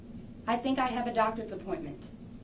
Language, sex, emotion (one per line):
English
female
neutral